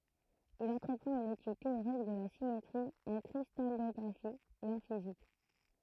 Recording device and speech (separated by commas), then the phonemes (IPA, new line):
throat microphone, read sentence
il ɑ̃tʁəpʁɑ̃t yn etyd teoʁik də la simetʁi ɑ̃ kʁistalɔɡʁafi e ɑ̃ fizik